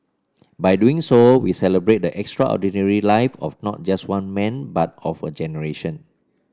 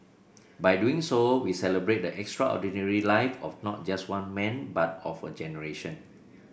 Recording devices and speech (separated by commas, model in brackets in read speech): standing microphone (AKG C214), boundary microphone (BM630), read sentence